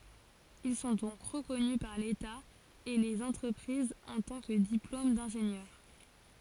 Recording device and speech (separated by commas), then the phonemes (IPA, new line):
forehead accelerometer, read sentence
il sɔ̃ dɔ̃k ʁəkɔny paʁ leta e lez ɑ̃tʁəpʁizz ɑ̃ tɑ̃ kə diplom dɛ̃ʒenjœʁ